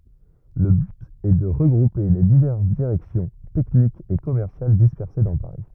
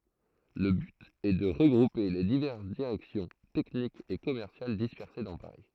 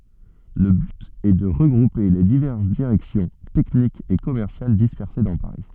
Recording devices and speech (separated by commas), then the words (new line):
rigid in-ear microphone, throat microphone, soft in-ear microphone, read sentence
Le but est de regrouper les diverses directions techniques et commerciales dispersées dans Paris.